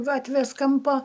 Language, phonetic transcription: Lithuanian, ˈgatvės ˈkampo

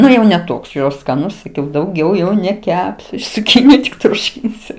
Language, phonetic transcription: Lithuanian, ˈnu jau ne ˈtoks jau skaˈnus saˈkiau dauˈgiau jau neˈkepsiu iš cuˈkyniju tik ˈtūšinsiu

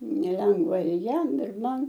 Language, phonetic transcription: Lithuanian, neˈlengva ir ˈjam ir ˈman

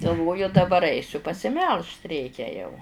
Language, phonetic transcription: Lithuanian, galˈvoju daˈbar ˈaisiu pasiˈmelžt ˈreikia jau

